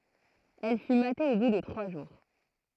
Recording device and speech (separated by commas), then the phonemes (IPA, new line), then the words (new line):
throat microphone, read sentence
ɛl fy mate o bu də tʁwa ʒuʁ
Elle fut matée au bout de trois jours.